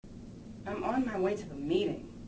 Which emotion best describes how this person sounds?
disgusted